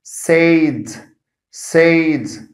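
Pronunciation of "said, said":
'Said' is pronounced incorrectly here: its vowel is not the short eh sound it should have.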